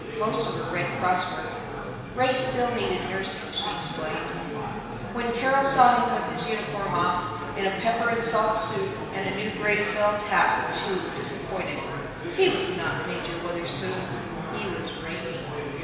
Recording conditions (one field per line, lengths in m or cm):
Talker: one person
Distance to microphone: 1.7 m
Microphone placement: close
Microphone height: 1.0 m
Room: very reverberant, large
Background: babble